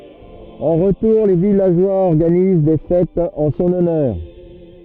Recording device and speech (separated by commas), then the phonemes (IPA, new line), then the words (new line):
rigid in-ear microphone, read sentence
ɑ̃ ʁətuʁ le vilaʒwaz ɔʁɡaniz de fɛtz ɑ̃ sɔ̃n ɔnœʁ
En retour, les villageois organisent des fêtes en son honneur.